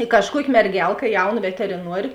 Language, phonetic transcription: Lithuanian, i kažˈkuoki merˈgelka ˈjauˌna veteriˈnuorė

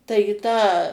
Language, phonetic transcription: Lithuanian, ˈtai į ˈtą

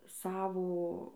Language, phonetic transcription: Lithuanian, ˈsavo

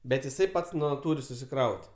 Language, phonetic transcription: Lithuanian, bet jiˈsai ˈpats ˈnu ˈtūri susiˈkraut'

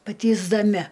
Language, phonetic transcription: Lithuanian, patįsdaˈmi

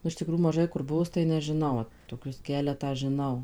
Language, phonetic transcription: Lithuanian, nu iš tiˈkrųjų maˈžai kur ˈbuvus tai nežiˈnau toˈkius ˈkeletą žiˈnau

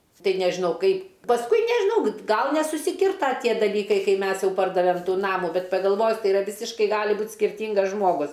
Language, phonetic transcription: Lithuanian, ˈtai nežiˈnau ˈkaip pasˈkui nežiˈnau ˈgal nesusiˈkirta ˈtie daˈlykai ˈkai ˈmes ˈjau ˈpardavem ˈnamų ˈbet pagalˈvojus ˈtai iˈra ˈvisiškai ˈgali ˈbūt skirˈtingas ˈžmogus

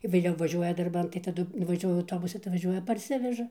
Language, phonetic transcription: Lithuanian, vėˈliau vaˈžiuoja darˈban tai taˈdu vaˈžiuoju auˈtobusu tai vaˈžiuoja parˈsiveža

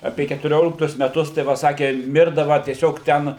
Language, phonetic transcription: Lithuanian, ˈapė ketuˈrioliktus meˈtus tai ˈva ˈsakė ˈmirdava tieˈsiog ˈten

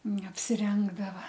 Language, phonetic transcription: Lithuanian, neapsiˈrengdava

